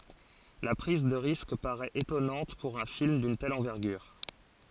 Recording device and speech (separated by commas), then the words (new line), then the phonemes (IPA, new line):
forehead accelerometer, read sentence
La prise de risque paraît étonnante pour un film d'une telle envergure.
la pʁiz də ʁisk paʁɛt etɔnɑ̃t puʁ œ̃ film dyn tɛl ɑ̃vɛʁɡyʁ